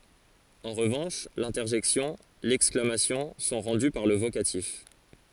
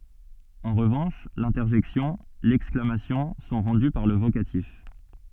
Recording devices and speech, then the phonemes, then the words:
forehead accelerometer, soft in-ear microphone, read sentence
ɑ̃ ʁəvɑ̃ʃ lɛ̃tɛʁʒɛksjɔ̃ lɛksklamasjɔ̃ sɔ̃ ʁɑ̃dy paʁ lə vokatif
En revanche, l'interjection, l'exclamation sont rendues par le vocatif.

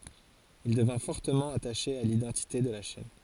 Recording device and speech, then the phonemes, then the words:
forehead accelerometer, read sentence
il dəvɛ̃ fɔʁtəmɑ̃ ataʃe a lidɑ̃tite də la ʃɛn
Il devint fortement attaché à l’identité de la chaîne.

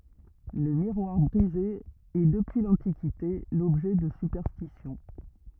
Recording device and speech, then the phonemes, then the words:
rigid in-ear microphone, read sentence
lə miʁwaʁ bʁize ɛ dəpyi lɑ̃tikite lɔbʒɛ də sypɛʁstisjɔ̃
Le miroir brisé est depuis l'Antiquité l'objet de superstitions.

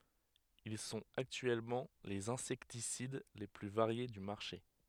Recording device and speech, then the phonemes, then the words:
headset microphone, read sentence
il sɔ̃t aktyɛlmɑ̃ lez ɛ̃sɛktisid le ply vaʁje dy maʁʃe
Ils sont actuellement les insecticides les plus variés du marché.

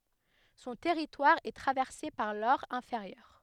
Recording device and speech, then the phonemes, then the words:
headset microphone, read sentence
sɔ̃ tɛʁitwaʁ ɛ tʁavɛʁse paʁ lɔʁ ɛ̃feʁjœʁ
Son territoire est traversé par l'Aure inférieure.

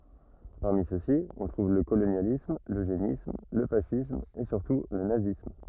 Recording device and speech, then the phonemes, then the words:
rigid in-ear microphone, read sentence
paʁmi søksi ɔ̃ tʁuv lə kolonjalism løʒenism lə fasism e syʁtu lə nazism
Parmi ceux-ci, on trouve le colonialisme, l'eugénisme, le fascisme et surtout le nazisme.

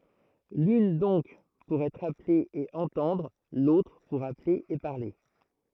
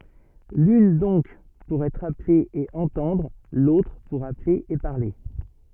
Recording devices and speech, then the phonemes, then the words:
throat microphone, soft in-ear microphone, read sentence
lyn dɔ̃k puʁ ɛtʁ aple e ɑ̃tɑ̃dʁ lotʁ puʁ aple e paʁle
L'une donc pour être appelé et entendre, l'autre pour appeler et parler.

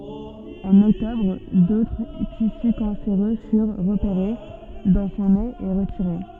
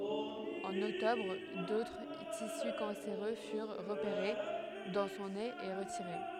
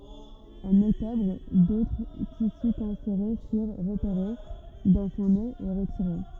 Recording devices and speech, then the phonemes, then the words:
soft in-ear microphone, headset microphone, rigid in-ear microphone, read sentence
ɑ̃n ɔktɔbʁ dotʁ tisy kɑ̃seʁø fyʁ ʁəpeʁe dɑ̃ sɔ̃ nez e ʁətiʁe
En octobre, d'autres tissus cancéreux furent repérés dans son nez et retirés.

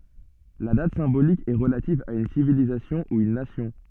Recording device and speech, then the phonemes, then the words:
soft in-ear microphone, read sentence
la dat sɛ̃bolik ɛ ʁəlativ a yn sivilizasjɔ̃ u yn nasjɔ̃
La date symbolique est relative à une civilisation ou une nation.

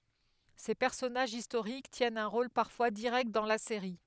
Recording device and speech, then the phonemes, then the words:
headset microphone, read sentence
se pɛʁsɔnaʒz istoʁik tjɛnt œ̃ ʁol paʁfwa diʁɛkt dɑ̃ la seʁi
Ces personnages historiques tiennent un rôle parfois direct dans la série.

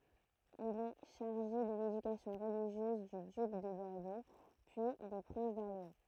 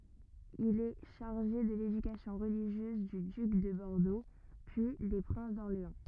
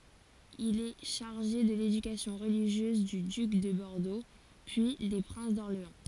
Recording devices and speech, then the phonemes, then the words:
throat microphone, rigid in-ear microphone, forehead accelerometer, read sentence
il ɛ ʃaʁʒe də ledykasjɔ̃ ʁəliʒjøz dy dyk də bɔʁdo pyi de pʁɛ̃s dɔʁleɑ̃
Il est chargé de l’éducation religieuse du duc de Bordeaux, puis des princes d’Orléans.

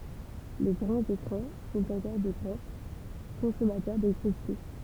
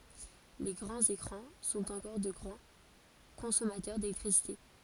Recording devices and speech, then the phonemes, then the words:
temple vibration pickup, forehead accelerometer, read sentence
le ɡʁɑ̃z ekʁɑ̃ sɔ̃t ɑ̃kɔʁ də ɡʁɑ̃ kɔ̃sɔmatœʁ delɛktʁisite
Les grands écrans sont encore de grands consommateurs d’électricité.

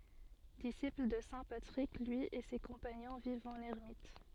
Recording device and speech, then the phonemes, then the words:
soft in-ear microphone, read sentence
disipl də sɛ̃ patʁik lyi e se kɔ̃paɲɔ̃ vivt ɑ̃n ɛʁmit
Disciples de saint Patrick, lui et ses compagnons vivent en ermites.

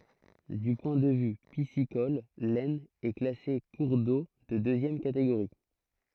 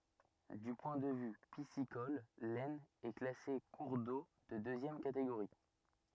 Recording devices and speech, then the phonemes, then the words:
throat microphone, rigid in-ear microphone, read sentence
dy pwɛ̃ də vy pisikɔl lɛsn ɛ klase kuʁ do də døzjɛm kateɡoʁi
Du point de vue piscicole, l'Aisne est classée cours d'eau de deuxième catégorie.

